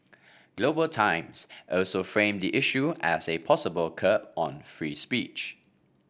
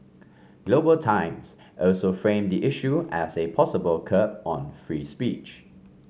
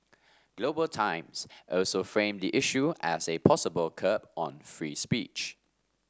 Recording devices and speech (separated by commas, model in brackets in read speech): boundary microphone (BM630), mobile phone (Samsung C5), standing microphone (AKG C214), read sentence